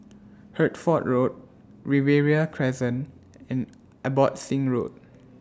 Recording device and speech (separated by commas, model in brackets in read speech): standing microphone (AKG C214), read sentence